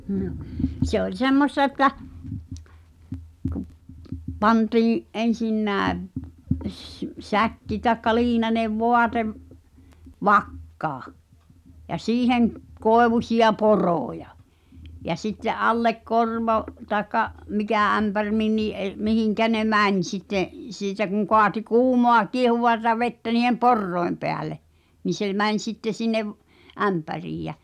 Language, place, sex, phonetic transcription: Finnish, Pihtipudas, female, Nᴏ , se oĺ 'semmos(t)a että , kᵘᵖ 'pantiiḭ , '’en̬sinnääv , s- , "säkki taĕkka 'liinanev "voatev , "vakkaa , ja "siiheŋ , 'koevuśi₍a "poròja , ja sitte’ "’allek 'korvo , taekka , 'mikä ämpär 'minnii ’er- , mihiŋkä ne "mäń sitte , 'siitä kuŋ koati "kuumoa 'kiehuvata vettä ni̳hem "porroi̬m peäle , ni se 'mäń̬ sitte sinnev , "’ämpäriij jä .
- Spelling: no se oli semmoista että kun pantiin ensinnäkin - säkki tai liinainen vaate vakkaan ja siihen koivuisia poroja ja sitten alle korvo tai mikä ämpäri minkäkin - mihin ne meni sitten siitä kun kaatoi kuumaa kiehuvaa vettä niiden porojen päälle niin se meni sitten sinne ämpäriin ja

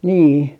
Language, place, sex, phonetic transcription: Finnish, Artjärvi, female, nii .
- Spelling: niin

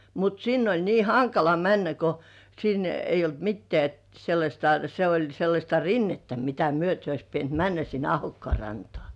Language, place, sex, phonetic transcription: Finnish, Kurkijoki, female, mut sinn ‿oĺ nii "haŋkala 'männä ko , sin 'eij̆j ‿olt 'mittĕä̀ , sellaśta , se oĺ sellaśta "rinnettä mitä 'myöte ois pient "männä sin 'Ahokkŏà rantŏà .
- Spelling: mutta sinne oli niin hankala mennä kun sinne ei ollut mitään sellaista se oli sellaista rinnettä mitä myöten olisi pitänyt mennä sinne Ahokkaan rantaan

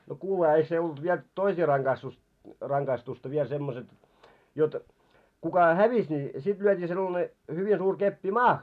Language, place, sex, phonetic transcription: Finnish, Moloskovitsa, male, no 'kuuleha eik se olt 'viel , 'toisii raŋɢaistus , 'raŋɢaistusta viel semmoset , jot , 'kuka "hävis ni sit lyöt́ii 'sellane , 'hyvi suur 'keppi "maah .
- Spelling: no kuulehan eikä se ollut vielä toisia rangaistus rangaistusta vielä semmoiset jotta kuka hävisi niin sitten lyötiin sellainen hyvin suuri keppi maahan

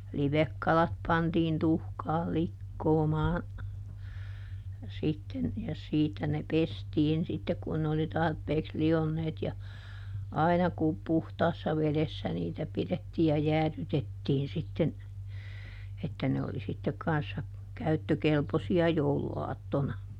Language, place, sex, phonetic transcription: Finnish, Juupajoki, female, ˈlivekkalat pantiin ˈtuhkaal̆ "likkoomaa , sitten , ja ˈsiitä ne "pestiin sittek kun ne oli ˈtarpeeks ˈli₍onneet ja , ˈaina ku ˈpuhtaassa ˈvelessä niitä ˈpiδettii ja "jääδytettiin sitten , että ne oli sittek ˈkanssa , "käyttökelposi₍a "jouluaattona .
- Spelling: livekalat pantiin tuhkaan likoamaan sitten ja siitä ne pestiin sitten kun ne oli tarpeeksi lionneet ja aina kun puhtaassa vedessä niitä pidettiin ja jäädytettiin sitten että ne oli sitten kanssa käyttökelpoisia jouluaattona

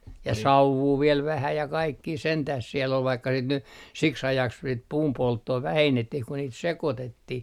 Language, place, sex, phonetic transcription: Finnish, Artjärvi, male, ja "sauvvuu viel 'vähä ja kaikkii 'sentäh siell ‿ol vaikka sit ny , 'siks 'ajaks sit "puumpolttoo "vähennettih ku niit "sekotettih .
- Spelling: ja sauvua vielä vähän ja kaikkia sentään siellä oli vaikka sitten nyt siksi ajaksi sitä puunpolttoa vähennettiin kun niitä sekoitettiin

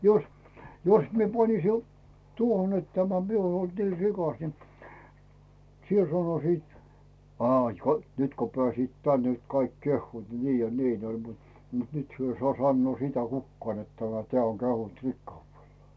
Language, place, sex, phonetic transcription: Finnish, Rautu, male, jos , 'jos mie 'panisi o- , 'tuohon ‿et tämä 'mie uon olt nii "rikas ni , "siel 'sanosiit , » 'aaⁱ ko , "nyt ko 'pᵉä̀siit "tän nyt 'kaik 'kehhuut "nii ja "niin ‿oĺ « mut , mut 'nyt 'hyö ‿i sᵒà 'sannoo sitä 'kukkaan net tämä , 'teä̀ oŋ 'kehunt "rikkauvellaa .
- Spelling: jos jos minä panisin - tuohon että tämä minä olen ollut niin rikas niin siellä sanoisivat aa kun nyt kun pääsivät tänne nyt kaikki kehuvat niin ja niin oli mutta mutta nyt he ei saa sanoa sitä kukaan että tämä tämä on kehunut rikkaudellaan

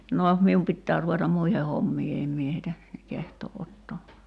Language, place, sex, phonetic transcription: Finnish, Kerimäki, female, 'no , 'mium pittää ruvetam "muihe 'hommii 'em mie heitä , kehtoo’ ’ottoo .
- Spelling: no minun pitää ruveta muihin hommiin en minä heitä kehtaa ottaa

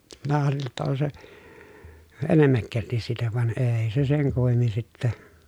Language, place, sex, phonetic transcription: Finnish, Pielisjärvi, male, minä arveli ‿tta on se , enemmäkkältis siitä van eei̮ se seŋ kummemmin sittä .
- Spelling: minä arvelin jotta on se enemmäkkälti siitä vaan ei se sen kummemmin sitten

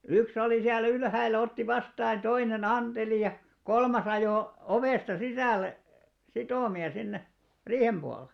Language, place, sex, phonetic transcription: Finnish, Alastaro, male, 'yks ‿olì siä'l ‿ylhäil̆lä otti 'vastaa ʲᵃ 'toine"n ‿anteli ja , 'kolmas ‿ajò , 'ovèsta 'sisä̀lle , 'sitòmi₍a sinne , "riihem ʙualᵉˡ .
- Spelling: yksi oli siellä ylhäällä otti vastaan ja toinen anteli ja kolmas ajoi ovesta sisälle sitomia sinne riihen puolelle

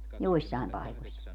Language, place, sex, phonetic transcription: Finnish, Padasjoki, female, 'joissài̮m 'paikoś .
- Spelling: joissain paikoissa

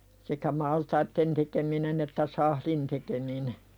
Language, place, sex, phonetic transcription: Finnish, Pälkäne, female, sekä 'maltaitten tekeminen ‿että "sahlin tekemine .
- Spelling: sekä maltaiden tekeminen että sahdin tekeminen

